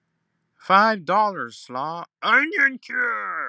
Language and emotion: English, disgusted